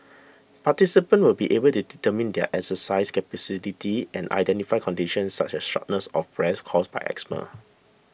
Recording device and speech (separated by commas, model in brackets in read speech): boundary microphone (BM630), read sentence